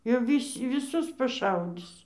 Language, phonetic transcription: Lithuanian, jau ˈvys' viˈsus paˈšaudis

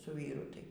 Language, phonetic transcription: Lithuanian, su ˈvyru ˈtai

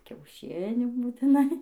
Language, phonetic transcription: Lithuanian, kiauˈšinių būtiˈnai

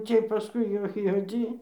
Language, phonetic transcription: Lithuanian, ˈciej paˈskui jau juoˈdzy

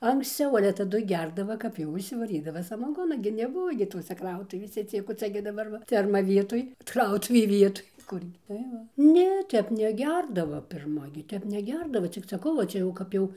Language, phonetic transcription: Lithuanian, anksˈciau ale taˈdu ˈgerdava kap jau išsivaˈrydava samaˈgona gi neˈbuvo gi ˈtose ˈkrautuvėse ˈciek o ˈcia gi daˈbar va ˈferma ˈvietoj ˈkrautuvė ˈvietoj ˈkurgi tai ˈva ˈne ˈtep neˈgerdava pirˈma gi ˈtep neˈgerdava cik saˈkau va ˈčia jau ˈkap jau

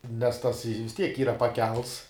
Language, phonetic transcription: Lithuanian, nes tas i vis ˈtiek ˈyra paˈkelts

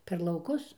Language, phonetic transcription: Lithuanian, per lauˈkus

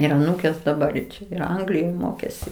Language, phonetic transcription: Lithuanian, ir aˈnūkės daˈbar i ˈčia ir ˈanglijoj ˈmokėsi

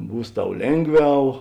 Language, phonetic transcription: Lithuanian, ˈbūs ˈtau ˈlėnˌgviau

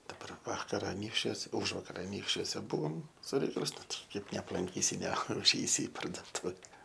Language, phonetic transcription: Lithuanian, daˈbar ˈvakar aˈnykščiuos ˈužvakar aˈnykščiuose ˈbuvom su ˈreikalais ˈnu ˈtai ˈkaip neaplanˈkysi neuˈžeisi i parduoˈtuve

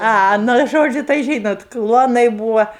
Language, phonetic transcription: Lithuanian, ˈa ˈnu ˈžodžiu tai ˈžynot ˈkluonai ˈbūva

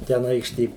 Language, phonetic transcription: Lithuanian, ten ˈaikštė

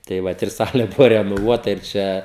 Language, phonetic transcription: Lithuanian, tai ˈvat ir ˈsalė ˈbuvo renoˈvuota ir ˈčia

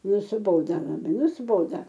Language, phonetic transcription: Lithuanian, nusiˈboda labai nusiˈboda

